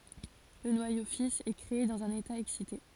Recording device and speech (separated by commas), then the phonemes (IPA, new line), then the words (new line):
forehead accelerometer, read sentence
lə nwajo fis ɛ kʁee dɑ̃z œ̃n eta ɛksite
Le noyau fils est créé dans un état excité.